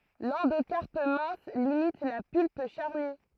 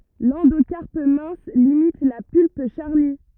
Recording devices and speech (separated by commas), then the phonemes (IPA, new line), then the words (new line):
throat microphone, rigid in-ear microphone, read sentence
lɑ̃dokaʁp mɛ̃s limit la pylp ʃaʁny
L'endocarpe mince limite la pulpe charnue.